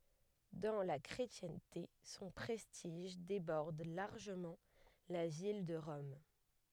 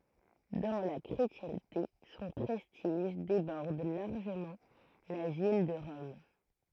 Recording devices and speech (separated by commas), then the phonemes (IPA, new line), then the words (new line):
headset microphone, throat microphone, read sentence
dɑ̃ la kʁetjɛ̃te sɔ̃ pʁɛstiʒ debɔʁd laʁʒəmɑ̃ la vil də ʁɔm
Dans la chrétienté son prestige déborde largement la ville de Rome.